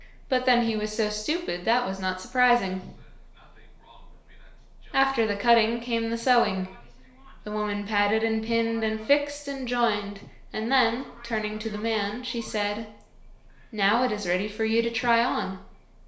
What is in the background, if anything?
A television.